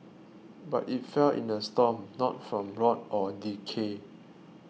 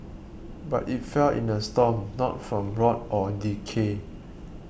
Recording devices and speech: mobile phone (iPhone 6), boundary microphone (BM630), read sentence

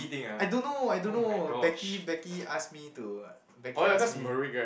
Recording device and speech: boundary microphone, conversation in the same room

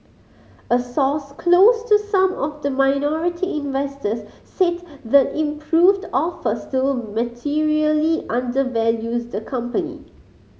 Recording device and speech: mobile phone (Samsung C5010), read sentence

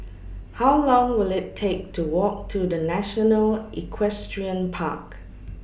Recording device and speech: boundary microphone (BM630), read sentence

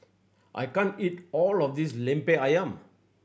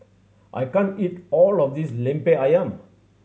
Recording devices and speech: boundary microphone (BM630), mobile phone (Samsung C7100), read sentence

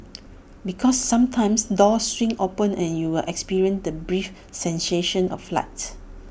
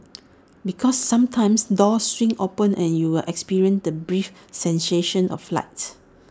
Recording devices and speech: boundary microphone (BM630), standing microphone (AKG C214), read sentence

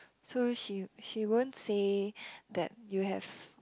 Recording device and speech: close-talking microphone, conversation in the same room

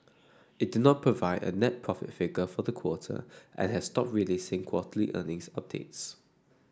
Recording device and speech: standing microphone (AKG C214), read sentence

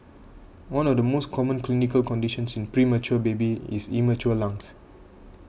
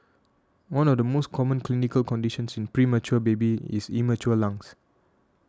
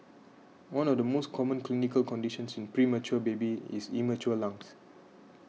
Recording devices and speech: boundary microphone (BM630), standing microphone (AKG C214), mobile phone (iPhone 6), read sentence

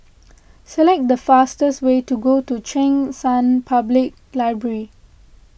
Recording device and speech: boundary microphone (BM630), read sentence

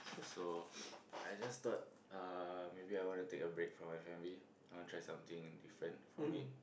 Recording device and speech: boundary microphone, conversation in the same room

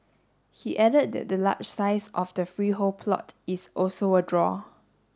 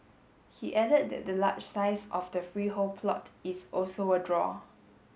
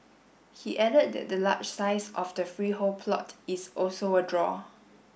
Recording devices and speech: standing microphone (AKG C214), mobile phone (Samsung S8), boundary microphone (BM630), read sentence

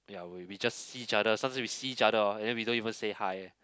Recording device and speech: close-talking microphone, conversation in the same room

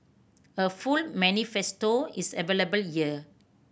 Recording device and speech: boundary microphone (BM630), read sentence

